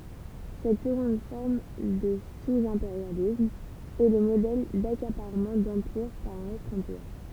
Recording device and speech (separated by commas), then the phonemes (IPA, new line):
temple vibration pickup, read sentence
sɛt səɡɔ̃d fɔʁm də suzɛ̃peʁjalism ɛ lə modɛl dakapaʁmɑ̃ dɑ̃piʁ paʁ œ̃n otʁ ɑ̃piʁ